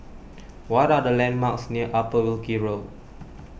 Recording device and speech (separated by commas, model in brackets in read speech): boundary microphone (BM630), read sentence